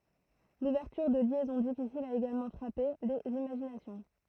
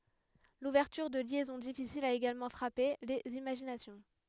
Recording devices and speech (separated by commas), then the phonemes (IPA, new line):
throat microphone, headset microphone, read sentence
luvɛʁtyʁ də ljɛzɔ̃ difisilz a eɡalmɑ̃ fʁape lez imaʒinasjɔ̃